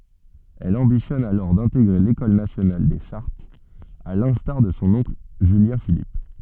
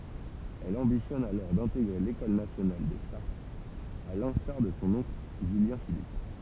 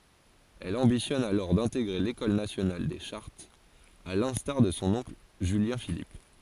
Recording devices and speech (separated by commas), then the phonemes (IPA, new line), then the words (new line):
soft in-ear microphone, temple vibration pickup, forehead accelerometer, read sentence
ɛl ɑ̃bitjɔn alɔʁ dɛ̃teɡʁe lekɔl nasjonal de ʃaʁtz a lɛ̃staʁ də sɔ̃ ɔ̃kl ʒyljɛ̃filip
Elle ambitionne alors d'intégrer l'École nationale des chartes, à l'instar de son oncle Julien-Philippe.